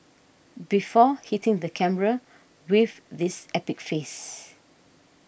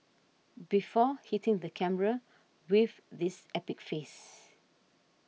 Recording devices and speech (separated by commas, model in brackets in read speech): boundary microphone (BM630), mobile phone (iPhone 6), read sentence